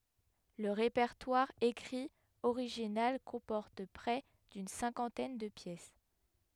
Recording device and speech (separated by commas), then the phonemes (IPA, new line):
headset microphone, read sentence
lə ʁepɛʁtwaʁ ekʁi oʁiʒinal kɔ̃pɔʁt pʁɛ dyn sɛ̃kɑ̃tɛn də pjɛs